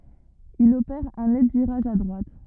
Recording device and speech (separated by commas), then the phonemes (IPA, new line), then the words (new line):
rigid in-ear microphone, read sentence
il opɛʁ œ̃ nɛt viʁaʒ a dʁwat
Il opère un net virage à droite.